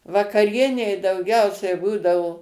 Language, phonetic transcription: Lithuanian, vakaˈrienei dauˈgiausiai ˈbūdavo

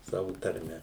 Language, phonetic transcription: Lithuanian, ˈsavu tarˈme

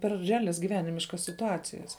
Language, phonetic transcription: Lithuanian, per reˈalias giˈvenimiškas situˈacijas

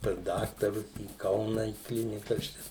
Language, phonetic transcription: Lithuanian, pas ˈdaktarus į ˈkauna į ˈklinikas ˈčia

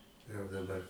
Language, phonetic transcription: Lithuanian, jau daˈbar

